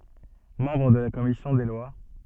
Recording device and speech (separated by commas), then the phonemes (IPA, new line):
soft in-ear microphone, read sentence
mɑ̃bʁ də la kɔmisjɔ̃ de lwa